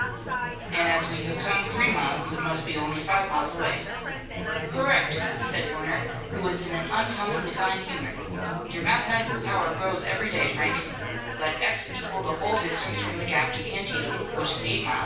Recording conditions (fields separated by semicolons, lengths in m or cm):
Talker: one person; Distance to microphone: 9.8 m; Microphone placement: far; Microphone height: 1.8 m; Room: large; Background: babble